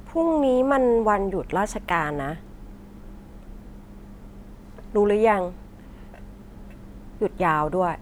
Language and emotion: Thai, frustrated